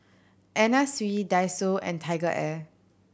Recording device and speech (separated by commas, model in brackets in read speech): boundary microphone (BM630), read sentence